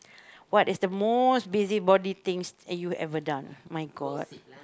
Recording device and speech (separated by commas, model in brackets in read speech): close-talking microphone, conversation in the same room